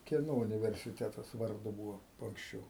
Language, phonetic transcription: Lithuanian, ˈkieno universiˈtetas varˈdu ˈbūvo anksˈčiau

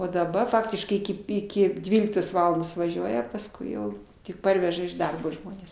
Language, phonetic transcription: Lithuanian, o daˈ ba ˈfaktiškai ˈiki ˈiki ˈdvyliktos ˈvalandos vaˈžiuoja pasˈkui jau tik ˈparveža iš ˈdarbo ˈžmones

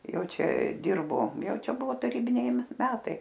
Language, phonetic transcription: Lithuanian, ˈjau ˈčia ˈdirbo ˈjau ˈčia ˈbuvo taˈrybiniai ˈmetai

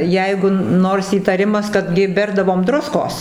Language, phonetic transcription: Lithuanian, ˈjeigu ˈnors įtaˈrimas ˈkad gi ˈberdavom ˈdruskos

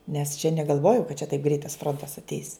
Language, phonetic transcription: Lithuanian, nes čia negalˈvojo kad čia taip greit ˈfrontas atˈeis

